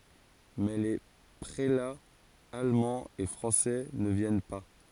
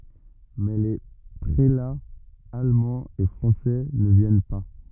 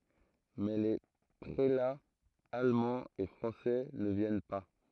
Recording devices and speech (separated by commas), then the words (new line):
forehead accelerometer, rigid in-ear microphone, throat microphone, read sentence
Mais les prélats allemands et français ne viennent pas.